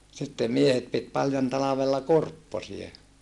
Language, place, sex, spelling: Finnish, Saarijärvi, male, sitten miehet piti paljon talvella kurpposia
- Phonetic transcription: sittem miehet pit paljon talavella kurpposie .

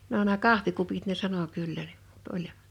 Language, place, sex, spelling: Finnish, Liperi, female, no nämä kahvikupit ne sanoi kyllä niin mutta oli
- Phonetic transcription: no nää "kahvikupit ne 'sano 'kyllä ɴɪᴍ ᴍᴜt 'oĺ ,.

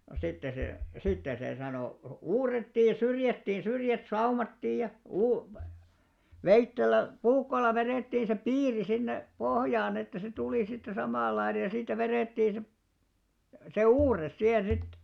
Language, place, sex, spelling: Finnish, Alastaro, male, no sitten se sitten se sanoo uurrettiin syrjätkin syrjät saumattiin ja - veitsellä puukolla vedettiin se piiri sinne pohjaan että se tuli sitten samanlainen ja siitä vedettiin se se uurre siihen sitten
- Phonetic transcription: no 'sitte se , 'sitte se sanoo , 'uurretti "syrjättin̬ 'syrjät "saumattiij ja , 'uu- "veittel̆lä , "puukkol̆la 'verèttiiḭ se "piiri sinne , 'pohjaan ‿että se 'tulì sitte 'samàl̆laine ja siitä 'verèttiin̬§ se , se "uurres 'sihen 'sit .

